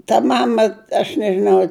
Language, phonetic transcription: Lithuanian, ta ˈmama aš nežiˈnau

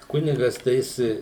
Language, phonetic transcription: Lithuanian, ˈkunigas tai ˈjis

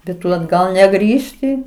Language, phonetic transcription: Lithuanian, bet ˈtu atˈgal neˈgrįžti

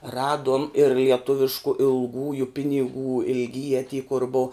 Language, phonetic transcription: Lithuanian, ˈraduom ir lieˈtuvišku ilˈgųju piniˈgų ilgˈyje ty kur bou

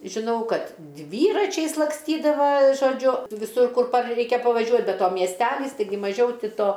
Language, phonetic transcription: Lithuanian, žiˈnau ˈkad ˈdvyračiais lakˈstydava žoˈdžiu viˈsur ˈkur par ˈreikia pavaˈžiuo be ˈto miesˈtelys taiˈgi maˈžiau ˈti ˈto

